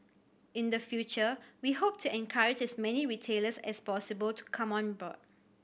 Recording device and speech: boundary microphone (BM630), read sentence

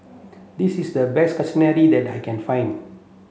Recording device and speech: mobile phone (Samsung C7), read sentence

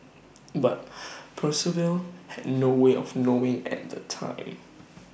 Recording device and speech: boundary microphone (BM630), read sentence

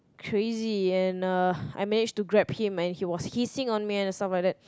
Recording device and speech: close-talking microphone, conversation in the same room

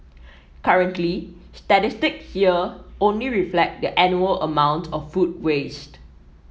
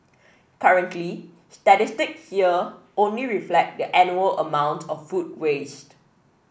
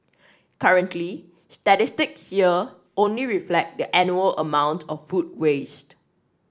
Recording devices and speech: mobile phone (iPhone 7), boundary microphone (BM630), standing microphone (AKG C214), read sentence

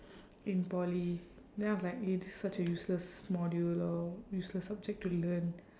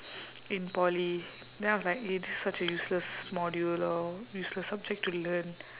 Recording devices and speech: standing microphone, telephone, conversation in separate rooms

